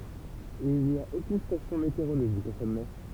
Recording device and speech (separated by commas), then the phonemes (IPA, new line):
temple vibration pickup, read sentence
il ni a okyn stasjɔ̃ meteoʁoloʒik o sɔmɛ